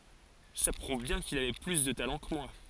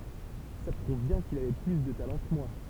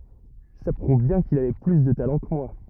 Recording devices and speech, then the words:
forehead accelerometer, temple vibration pickup, rigid in-ear microphone, read sentence
Ça prouve bien qu'il avait plus de talent que moi.

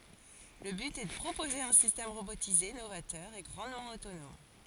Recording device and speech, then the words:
forehead accelerometer, read sentence
Le but est de proposer un système robotisé novateur et grandement autonome.

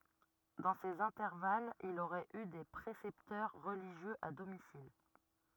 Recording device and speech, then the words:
rigid in-ear microphone, read sentence
Dans ces intervalles, il aurait eu des précepteurs religieux à domicile.

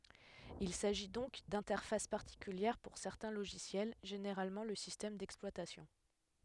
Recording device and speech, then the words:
headset microphone, read sentence
Il s'agit donc d'interfaces particulières pour certains logiciels, généralement le système d'exploitation.

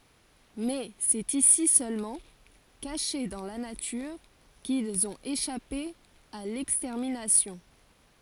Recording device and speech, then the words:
forehead accelerometer, read sentence
Mais c'est ici seulement, cachés dans la nature, qu'ils ont échappé à l'extermination.

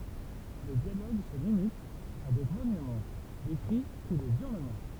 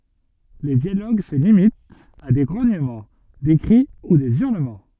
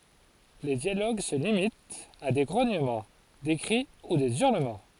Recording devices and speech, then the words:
temple vibration pickup, soft in-ear microphone, forehead accelerometer, read sentence
Les dialogues se limitent à des grognements, des cris ou des hurlements.

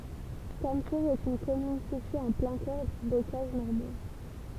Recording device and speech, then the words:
temple vibration pickup, read sentence
Cametours est une commune située en plein cœur du bocage normand.

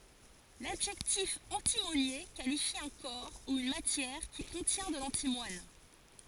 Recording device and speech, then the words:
forehead accelerometer, read sentence
L'adjectif antimonié qualifie un corps ou une matière qui contient de l'antimoine.

